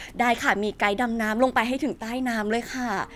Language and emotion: Thai, neutral